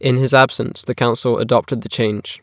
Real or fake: real